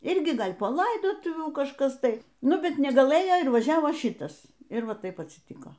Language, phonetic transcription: Lithuanian, ˈirgi ˈgal' po ˈlaidotuvių kažˈkas ˈtai ˈnu ˈbet negalˈɘjo ir vaˈžiavo ˈšitas ir ˈva ˈtaip atsiˈtiko

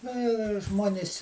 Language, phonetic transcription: Lithuanian, ˈna jau ir ˈžmuonis'

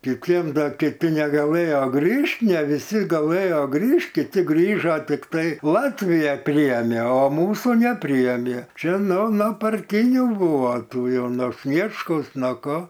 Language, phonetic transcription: Lithuanian, kiˈtiem ˈda kiˈti negaˈlɘjo ˈgrįžt ne viˈsi gaˈlɘjo ˈgrįžt kiˈti ˈgrįžo tikˈtai ˈlatvija ˈpryėmė o ˈmūsų neˈpryėmė ˈčia ˈno no parˈtinių ˈbuvo ˈtų ˈjau no ˈsniečkaus nuo ˈko

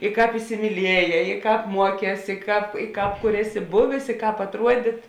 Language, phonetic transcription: Lithuanian, i ˈkāp isimyˈlieˌjē i ˈkāp ˈmuoˌkēs i ˈkāp i ˈkāp kur ˈeˌsi ˈbuvės i ˈkāp atˈruodit

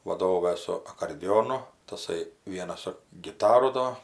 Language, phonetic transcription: Lithuanian, vaˈdova su akordiˈjonu taˈsai ˈvienas su giˈtaru ˈdo

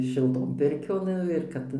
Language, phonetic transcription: Lithuanian, šilˈton ˈpirkion ˈnu ir ˈkad

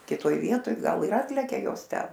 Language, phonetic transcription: Lithuanian, kiˈtoj ˈvietoj ˈgal ir ˈatlekia ˈjos ˈten

